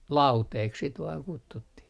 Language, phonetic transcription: Finnish, "lauteek sit vaaŋ 'kuttuttih .
- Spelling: lauteeksi sitä vain kutsuttiin

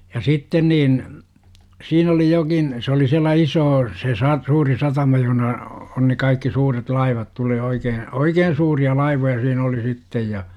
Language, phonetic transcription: Finnish, ja 'sitten niin , siin ‿oli 'jokin , se oli siällä "isoo , se sa - 'suuri satama joh°na , on ne kaikki suuret 'laivat tulee 'oikee , "oikeen̬ suuri₍a 'laivoja siin ‿oli 'sittej ja .
- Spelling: ja sitten niin siinä oli jokin se oli siellä iso se - suuri satama johon on ne kaikki suuret laivat tulee oikein oikein suuria laivoja siinä oli sitten ja

